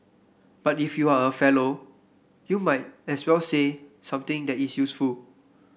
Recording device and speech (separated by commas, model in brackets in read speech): boundary microphone (BM630), read sentence